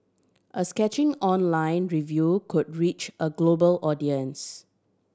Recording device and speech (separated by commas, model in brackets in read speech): standing microphone (AKG C214), read sentence